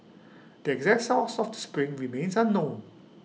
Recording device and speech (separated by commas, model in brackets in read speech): mobile phone (iPhone 6), read sentence